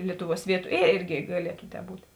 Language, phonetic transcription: Lithuanian, ˈlietuˌvuos ˈvietu ė ˈėrgi gaˈlietu tē ˈbūt'

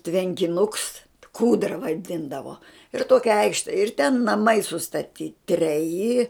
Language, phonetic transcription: Lithuanian, tvenkiˈnuks ˈkūdra vaˈdindavo ir ˈtokia ˈaikšte ir ten naˈmai sustaˈty treˈji

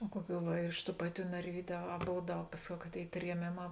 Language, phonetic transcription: Lithuanian, o ˈkuoˌkių va ir iš tų ˈpaˌtių narˈvydiu a a ˈbov ˈdaug ˈpasˌkiau ka ˈtėi trieˈmėˌmā

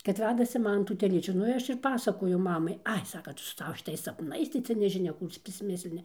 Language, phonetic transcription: Lithuanian, kad ˈvedasi ˈmana tų teˈlyčių ˈnu i ˈaš ir ˈpasakoju ˈmamai ˈai ˈsaka ˈtu su ˈsava šiˈtais sapˈnais tai ˈcia nežiˈnia ˈkų cia prisˈmislini

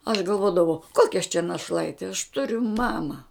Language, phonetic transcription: Lithuanian, aš galˈvodavau ˈkokia aš čia naˈšlaiti aš ˈturiu ˈmama

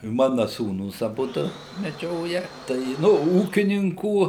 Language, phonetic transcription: Lithuanian, ˈmana ˈsūnūs aˈbudu meˈdžioja ˈtai i ˈnu ˈūkininkų

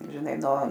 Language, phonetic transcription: Lithuanian, žiˈnai no

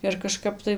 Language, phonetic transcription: Lithuanian, ir kaˈžkap tai

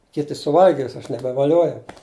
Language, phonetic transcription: Lithuanian, ˈkiti suˈvalgis aš nebevaˈliuojau

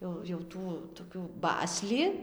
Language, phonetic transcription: Lithuanian, ˈjau jau ˈtų tokių ˈbasli

